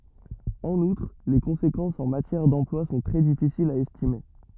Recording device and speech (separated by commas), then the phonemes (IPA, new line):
rigid in-ear microphone, read sentence
ɑ̃n utʁ le kɔ̃sekɑ̃sz ɑ̃ matjɛʁ dɑ̃plwa sɔ̃ tʁɛ difisilz a ɛstime